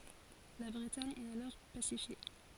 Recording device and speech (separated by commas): forehead accelerometer, read sentence